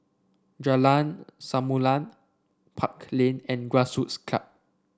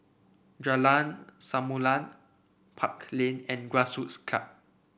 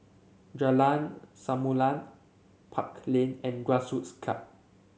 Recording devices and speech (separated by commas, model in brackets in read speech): standing microphone (AKG C214), boundary microphone (BM630), mobile phone (Samsung C7), read sentence